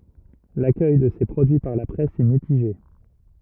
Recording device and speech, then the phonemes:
rigid in-ear microphone, read sentence
lakœj də se pʁodyi paʁ la pʁɛs ɛ mitiʒe

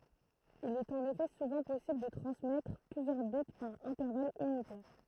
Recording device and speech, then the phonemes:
throat microphone, read sentence
il ɛt ɑ̃n efɛ suvɑ̃ pɔsibl də tʁɑ̃smɛtʁ plyzjœʁ bit paʁ ɛ̃tɛʁval ynitɛʁ

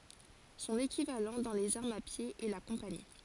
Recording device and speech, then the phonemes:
forehead accelerometer, read sentence
sɔ̃n ekivalɑ̃ dɑ̃ lez aʁmz a pje ɛ la kɔ̃pani

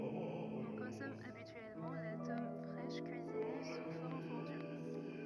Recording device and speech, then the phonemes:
rigid in-ear microphone, read sentence
ɔ̃ kɔ̃sɔm abityɛlmɑ̃ la tɔm fʁɛʃ kyizine su fɔʁm fɔ̃dy

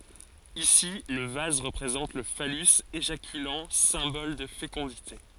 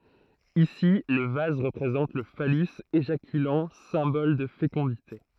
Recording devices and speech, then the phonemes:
forehead accelerometer, throat microphone, read sentence
isi lə vaz ʁəpʁezɑ̃t lə falys eʒakylɑ̃ sɛ̃bɔl də fekɔ̃dite

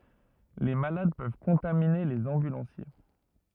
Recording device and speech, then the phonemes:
rigid in-ear microphone, read sentence
le malad pøv kɔ̃tamine lez ɑ̃bylɑ̃sje

